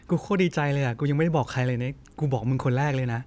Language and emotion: Thai, happy